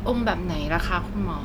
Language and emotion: Thai, neutral